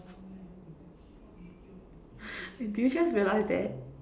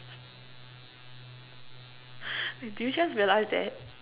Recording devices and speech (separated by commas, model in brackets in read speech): standing microphone, telephone, conversation in separate rooms